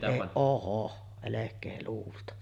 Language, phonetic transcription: Finnish, e-ˀ , "ohoh , 'elek̆kee luulta .
- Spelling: - ohoh älkää luulla

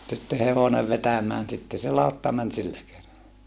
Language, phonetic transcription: Finnish, sitte hevonev vetämään sitte se lautta män sillä kei(nolla) .
- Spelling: sitten hevonen vetämään sitten se lautta meni sillä keinolla

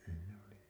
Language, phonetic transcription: Finnish, sè oli .
- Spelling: se oli

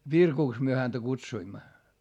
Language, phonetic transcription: Finnish, Virkuks myö häntä kutsuimma .
- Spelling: Virkuksi me häntä kutsuimme

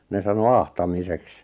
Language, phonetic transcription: Finnish, 'ne sano "ahtamiseks .
- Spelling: ne sanoi ahtamiseksi

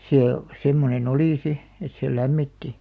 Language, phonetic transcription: Finnish, 'see , 'semmone'n ‿olì si , et sè "lämmitti .
- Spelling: se semmoinen oli sitten että se lämmitti

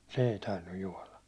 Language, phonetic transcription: Finnish, se ei 'tainnuj 'juåla .
- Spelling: se ei tainnut juoda

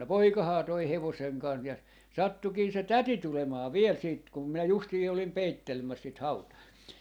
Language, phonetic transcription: Finnish, 'no "poikahaa toi 'hevoseŋ 'kan- , ja , 'sattukii se "täti 'tulemaa 'viel siit , kum minä 'justii olim 'peittelmäs sit "hautà .
- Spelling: no poikahan toi hevosen - ja sattuikin se täti tulemaan vielä sitten kun minä justiin olin peittelemässä sitä hautaa

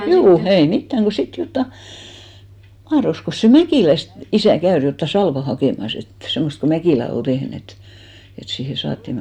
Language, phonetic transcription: Finnish, 'juu , ei "mittäŋ ɢo 'sit 'jotta , 'mahroskos se "Mäkìläst , 'isä̀ 'käör jotta 'salva 'hakèmas ‿et , 'semmost ko 'Mäkìlä ol 'ᴅehn ‿et , et siihe 'saatti ,.
- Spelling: juu ei mitään kun sitten jotakin mahtoikos se Mäkilästä isä käydä jotakin salvaa hakemassa että semmoista kun Mäkilä oli tehnyt että että siihen saatiin

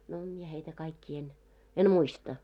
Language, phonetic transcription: Finnish, no mie heitä kaikkii en , 'en "muista .
- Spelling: no minä heitä kaikkia en en muista

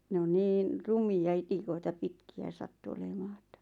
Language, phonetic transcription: Finnish, ne on 'niin , "rumi₍a 'itikoita "pitki₍ä sattu olemaa ᴇttᴀ̈ .
- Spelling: ne on niin rumia itikoita pitkiä sattui olemaan että

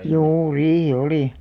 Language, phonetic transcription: Finnish, 'juu "riihi "olì .
- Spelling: juu riihi oli

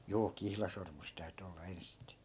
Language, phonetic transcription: Finnish, 'juu "kihlasormus täyty 'olla 'enste(e) .
- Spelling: juu kihlasormus täytyi olla ensisteen

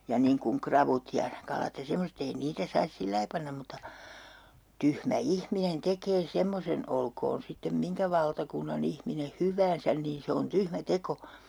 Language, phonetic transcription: Finnish, ja niiŋ kuŋ 'kravut ja 'kalat ja 'semoset ‿ei 'niitä sais "sillai pannam mutta , 'tyhmä "ihminen 'tekee 'semmosen "olkoon sittem 'miŋkä valtakunna'n ‿ihmine "hyväänsän niin 'se on 'tyhmä "teko .
- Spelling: ja niin kuin ravut ja kalat ja semmoiset ei niitä saisi sillä lailla panna mutta tyhmä ihminen tekee semmoisen olkoon sitten minkä valtakunnan ihminen hyvänsä niin se on tyhmä teko

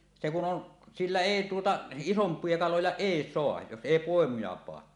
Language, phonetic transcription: Finnish, se kun 'on , 'sillä "èi tuota , "isomp̀ie 'kaloja "èi 'soaj jos 'èi 'pòemuja paa .
- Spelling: se kun on sillä ei tuota isompia kaloja ei saa jos ei poimuja panna

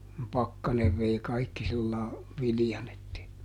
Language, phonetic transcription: Finnish, (kum) ˈpakkanev vei ˈkaikki sillaa , ˈvilⁱjan ‿ettei ,.
- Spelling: kun pakkanen vei kaikki sillä lailla viljan että ei

